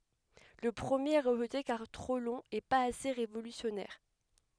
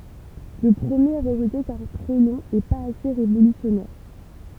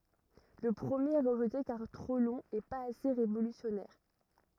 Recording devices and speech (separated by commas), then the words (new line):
headset microphone, temple vibration pickup, rigid in-ear microphone, read sentence
Le premier est rejeté car trop long et pas assez révolutionnaire.